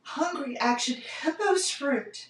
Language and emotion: English, fearful